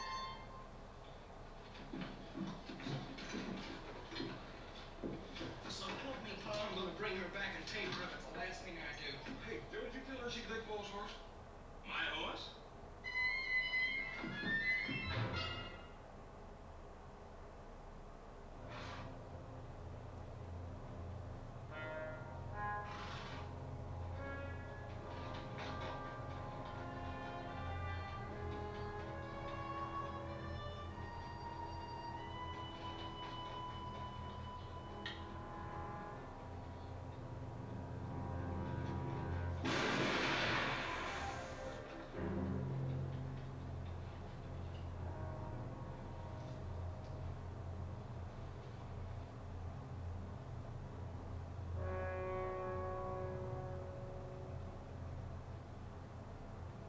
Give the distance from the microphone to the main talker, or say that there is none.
No main talker.